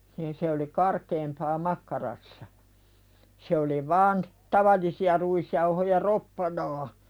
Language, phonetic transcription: Finnish, niin se oli "karkeempaa 'makkarassa , se oli vaan , 'tavallisi₍a ruisjauhoja "roppanaa .
- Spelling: niin se oli karkeampaa makkarassa se oli vain tavallisia ruisjauhoja roppanaa

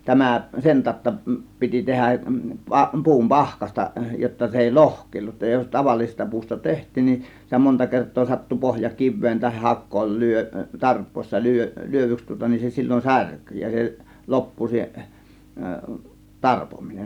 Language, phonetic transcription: Finnish, 'tämä 'sen tàȯtta piti 'tehäˀ , 'pa- , 'pu̬um "pahkasta jotta 'se èi "lohk̀èillut , jos "tavallisesta puusta "teht̆tiin nin , sitä 'monta 'kert̆too sattu 'pohja "kivveen tahih "hakkool 'lyö- , "tarp̆pòis̆sa 'lyö- , "lyövyks tŭŏta nin , se 'sil͕l͕on "särky ja se "loppu 'se , "tarpominen .
- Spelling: tämä sen tautta piti tehdä - puun pahkasta jotta se ei lohkeillut jos tavallisesta puusta tehtiin niin sitä monta kertaa sattui pohja kiveen tai hakoon - tarpoessa - lyödyksi tuota niin se silloin särkyi ja se loppu se tarpominen

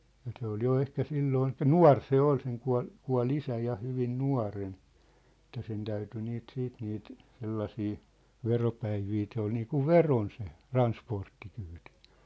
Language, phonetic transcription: Finnish, ja se ‿ol jo 'ehkä 'silloon elⁱk̀ä "nua̭r 'se ‿ol seŋ kua̭l , 'kua̭l 'isä ja hyvin "nua̭ren , ĕttä 'sen 'täyty niit 'siit niit , 'sellasii , 'veropäivii se ‿ol niikuv "veron se , "ransporttikyytɪ .
- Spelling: ja se oli jo ehkä silloin eli nuori se oli sen kuoli kuoli isä ja hyvin nuorena että sen täytyi niitä sitten niitä sellaisia veropäiviä se oli niin kuin verona se transporttikyyti

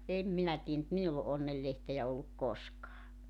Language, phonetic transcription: Finnish, 'em 'minä 'tii₍(ä) mut 'minull ‿o '’onnellehteʲä olluk "koskaa .
- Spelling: en minä tiedä mutta minulla ole onnenlehteä ollut koskaan

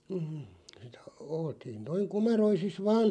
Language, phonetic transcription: Finnish, m̥ , (sitä) 'oltiin noiŋ "komeroisis 'vaan̬ ,.
- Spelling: mm sitä oltiin noin komeroisissa vain

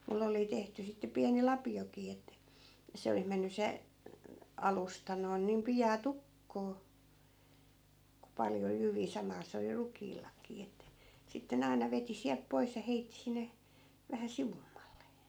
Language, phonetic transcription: Finnish, 'mulle oli 'tehty sitte 'piäni "lapi₍okii että , 'se olih 'menny se , 'alusta noin niim 'pijaa "tukkoo , ku 'paljo 'jyvii 'samaa se oli 'ruk̀iillakii ettᵃ̈ , 'sitte ne 'aina veti siälp 'pois ja 'heitti sinne , 'vähä "sivummalle .
- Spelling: minulle oli tehty sitten pieni lapiokin että se oli mennyt se alusta noin niin pian tukkoon kun paljon jyviä samaa se oli rukiillakin että sitten ne aina veti sieltä pois ja heitti sinne vähän sivummalle

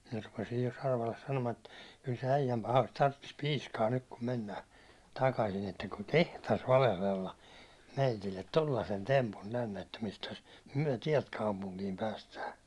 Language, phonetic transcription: Finnish, minä rupesij jo Sarvalles 'sanomaa , et » kyl se 'äijäm pahain tarttis 'piiskaa nyt kum mennää , takasin ‿että kuŋ "kehtas 'valehlella , 'meitillet "tollasen tempum tänne , että mistäs , "myäₒ "tiɛlt 'kaupuŋkiim päästää .
- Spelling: minä rupesin jo Sarvalle sanomaan että kyllä se äijän pahan tarvitsisi piiskaa nyt kun mennään takaisin että kun kehtasi valehdella meille tuollaisen tempun tänne että mistäs me täältä kaupunkiin päästään

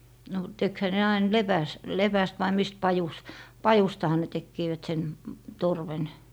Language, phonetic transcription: Finnish, no 'tekhä ne ain "lepäs- , "lepäst vai 'mist 'pajus- , "pajustaha ne 'tekkiivät sen , 'torven .
- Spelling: no tekihän ne aina - lepästä vai mistä - pajustahan ne tekivät sen torven

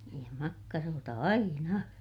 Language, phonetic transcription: Finnish, niij ja makkaroota aina .
- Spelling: niin ja makkaroita aina

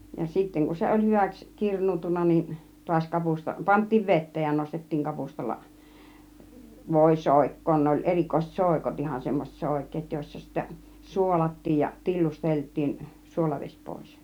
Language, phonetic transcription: Finnish, ja 'sitteŋ kun̬ 'se oĺ 'hyväks , "kirǹuutunna niin , 'tuaś 'kapusta , 'pant̆tiiv "ve(tteej) ja nostettiiŋ 'kapustalla , 'vòi 'sòik̀koon ne oĺ "erikoiset "sòikot ihan , semmoset 'sòik̆keet jòissa sittä "suolat̀tiij ja , "tillustelt̆tiin 'suolaveś 'pòis .
- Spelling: ja sitten kun se oli hyväksi kirnuuntunut niin taas kapusta pantiin veteen ja nostettiin kapustalla voi soikkoon ne oli erikoiset soikot ihan semmoiset soikeat joissa sitten suolattiin ja tillusteltiin suolavesi pois

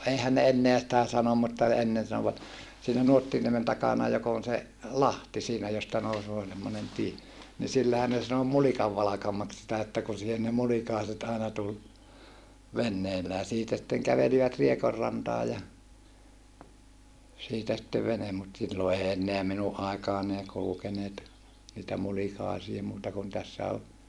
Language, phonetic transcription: Finnish, eihän ne enneä sitä sanom mutta , ennen sanovat , siinä Nuottiniemen takana jok ‿on se , lahti siinä josta nousoo semmonen tie , ni sillähän ne sano Mulikavvalakamaks sitä että kun̬ siihen ne mulikàeset aena tul , venneillää siitä sitteŋ kävelivät Riekorrantaa ja , siitä sittev venem mut sillo ei enneä minuʼ ʼàikaan ‿ei kulukeneet , niitä mulikàisie muuta kun tässä ol ,.
- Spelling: eihän ne enää sitä sano mutta ennen sanoivat siinä Nuottiniemen takana joka on se lahti siinä josta nousee semmoinen tie niin sillähän ne sanoi Mulikanvalkamaksi sitä että kun siihen ne mulikaiset aina tuli veneillään siitä sitten kävelivät Riekonrantaan ja siitä sitten vene mutta silloin ei enää minun aikaan ei kulkeneet niitä mulikaisia muuta kuin tässä oli

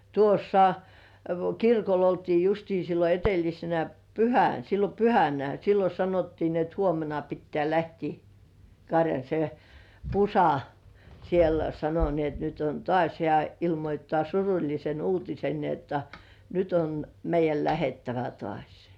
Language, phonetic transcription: Finnish, tuossa , 'kirkol ‿oltii justii sillo 'e̳t̳§ellisenä "pyhän , sillo 'pyhänä sillo 'sanottii ni ‿et "huomena pittĕä̀ lähtii , 'karjaⁿ , se , "Pusa , siel 'sano ni ‿et » nyt on "tŏàś « hĕä̀ , "ilmoi̳§ttaa suruĺlisen 'uutisen ni jotta , » 'nyt ‿on , meij̆§jäl 'lähettävä "tŏàś « .
- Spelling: tuossa kirkolla oltiin justiin silloin edellisenä pyhänä silloin pyhänä silloin sanottiin niin että huomenna pitää lähteä karjan se Pusa siellä sanoi niin että nyt on taas hän ilmoittaa surullisen uutisen niin jotta nyt on meidän lähdettävä taas

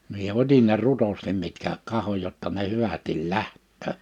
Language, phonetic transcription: Finnish, mie 'otin ne 'rutostim mitkä 'kahoj jotta ne 'hyvä(s)til "lähttöö .
- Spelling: minä otin ne rutosti mitkä katsoin jotta ne hyvästi lähtee

